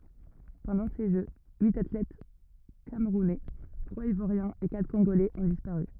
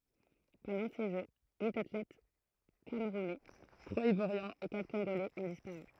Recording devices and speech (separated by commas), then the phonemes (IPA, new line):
rigid in-ear microphone, throat microphone, read sentence
pɑ̃dɑ̃ se ʒø yit atlɛt kamʁunɛ tʁwaz ivwaʁjɛ̃z e katʁ kɔ̃ɡolɛz ɔ̃ dispaʁy